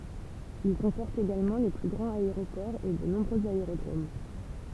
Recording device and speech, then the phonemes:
temple vibration pickup, read sentence
il kɔ̃pɔʁt eɡalmɑ̃ le ply ɡʁɑ̃z aeʁopɔʁz e də nɔ̃bʁøz aeʁodʁom

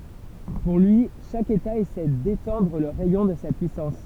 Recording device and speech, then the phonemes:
temple vibration pickup, read sentence
puʁ lyi ʃak eta esɛ detɑ̃dʁ lə ʁɛjɔ̃ də sa pyisɑ̃s

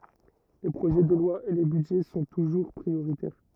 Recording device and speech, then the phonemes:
rigid in-ear microphone, read sentence
le pʁoʒɛ də lwa e le bydʒɛ sɔ̃ tuʒuʁ pʁioʁitɛʁ

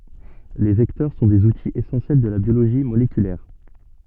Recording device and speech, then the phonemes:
soft in-ear microphone, read sentence
le vɛktœʁ sɔ̃ dez utiz esɑ̃sjɛl də la bjoloʒi molekylɛʁ

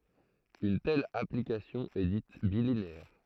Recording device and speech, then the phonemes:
throat microphone, read sentence
yn tɛl aplikasjɔ̃ ɛ dit bilineɛʁ

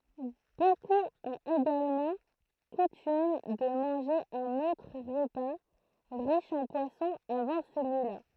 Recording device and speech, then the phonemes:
throat microphone, read sentence
bokup ɔ̃t eɡalmɑ̃ kutym də mɑ̃ʒe œ̃n otʁ ʁəpa ʁiʃ ɑ̃ pwasɔ̃ avɑ̃ səlyila

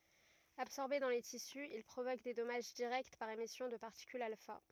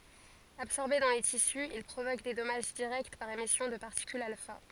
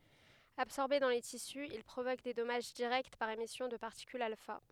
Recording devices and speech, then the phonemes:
rigid in-ear microphone, forehead accelerometer, headset microphone, read sentence
absɔʁbe dɑ̃ le tisy il pʁovok de dɔmaʒ diʁɛkt paʁ emisjɔ̃ də paʁtikylz alfa

